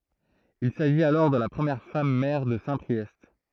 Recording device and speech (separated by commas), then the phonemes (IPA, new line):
throat microphone, read sentence
il saʒit alɔʁ də la pʁəmjɛʁ fam mɛʁ də sɛ̃pʁiɛst